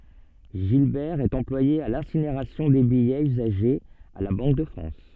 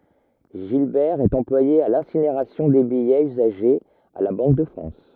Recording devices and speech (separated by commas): soft in-ear microphone, rigid in-ear microphone, read sentence